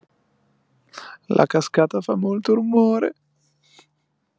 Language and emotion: Italian, sad